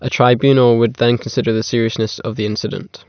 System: none